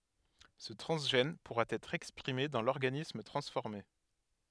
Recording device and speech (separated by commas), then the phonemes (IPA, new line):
headset microphone, read sentence
sə tʁɑ̃zʒɛn puʁa ɛtʁ ɛkspʁime dɑ̃ lɔʁɡanism tʁɑ̃sfɔʁme